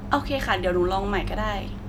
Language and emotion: Thai, neutral